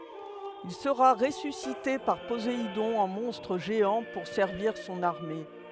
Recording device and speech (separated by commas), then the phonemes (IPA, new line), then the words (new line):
headset microphone, read sentence
il səʁa ʁesysite paʁ pozeidɔ̃ ɑ̃ mɔ̃stʁ ʒeɑ̃ puʁ sɛʁviʁ sɔ̃n aʁme
Il sera ressuscité par Poséidon en monstre géant pour servir son armée.